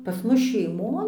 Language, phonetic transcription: Lithuanian, pas ˈmus šeiˈmon

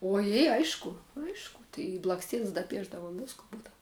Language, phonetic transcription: Lithuanian, oˈjė ˈaišku ˈaišku tai i blaksˈtiens daˈpiešdavum ˈvisku ˈbūdav

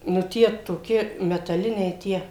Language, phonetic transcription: Lithuanian, nu ˈtie toˈki metaˈliniai ˈtie

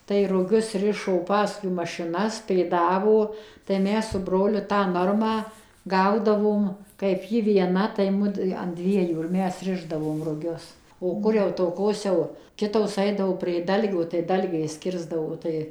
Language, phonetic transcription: Lithuanian, tai ruˈgius ˈrišo ˈpaskui mašiˈnas pėˈdavo tai ˈmes su ˈbroliu tą ˈnormą ˈgaudavom kaip ˈji vieˈna tai ˈmudu an ˈdviejų ir ˈmes ˈrišdavom ruˈgius o ˈkur jau toˈkos jau ˈkitosˈaidavo prė ˈdalgio tai ˈdalgiais ˈkirsdavo ˈtai

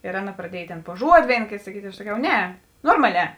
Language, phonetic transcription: Lithuanian, ir ˈaˌna pradˈiej ˈtėn pu ˈžuodi ˈvėin ˈkėt saˈkyt' i aš saˈkiau ˈne ˈnormaˌlē

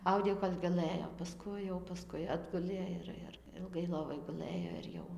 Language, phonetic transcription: Lithuanian, ˈaudė jau kol' gaˈlɘjo paˈskui jau paˈskui ˈatgulė ir ir ilˈgai ˈlovoj guˈlɘjo ir ˈjau

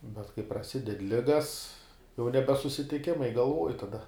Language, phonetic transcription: Lithuanian, bet kai praˈsided ˈligas jau ˈnebe susitiˈkimai galˈvuoj taˈda

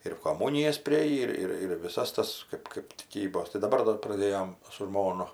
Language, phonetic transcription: Lithuanian, ir koˈmūnijas priˈėjį ˈir ˈir ir viˈsas ˈtas ˈkɜp kɜp tiˈkybos tai daˈbar ˈdar praˈdėjom su ˈžmonu

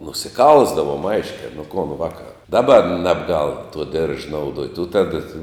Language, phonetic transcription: Lithuanian, nusiˈkalsdavom ˈaiškia nu kon vaka ˈdaˌba ˈnebˌgal tuo dirž nauˈduot' u ˈtada tai

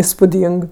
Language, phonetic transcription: Lithuanian, ispuˈdyng

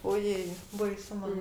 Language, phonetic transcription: Lithuanian, oˈjėi baiˈsu ˈman

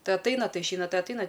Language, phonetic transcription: Lithuanian, ˈtai atˈaina ˈtai išˈeina ˈtai atˈaina

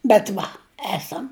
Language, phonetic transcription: Lithuanian, bet ˈva ˈesam

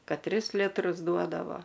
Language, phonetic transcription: Lithuanian, ˈkad ˈtris ˈlitrus ˈduodavo

